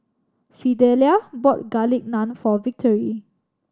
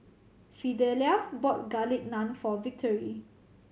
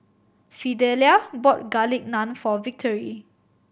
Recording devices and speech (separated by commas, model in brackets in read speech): standing microphone (AKG C214), mobile phone (Samsung C7100), boundary microphone (BM630), read sentence